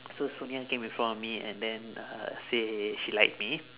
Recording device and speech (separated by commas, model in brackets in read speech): telephone, conversation in separate rooms